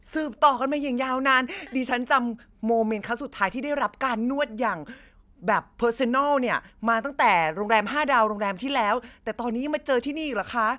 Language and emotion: Thai, happy